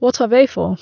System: none